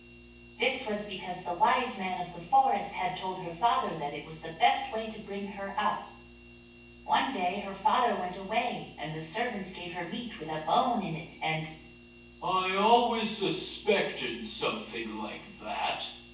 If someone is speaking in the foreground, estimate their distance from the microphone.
9.8 m.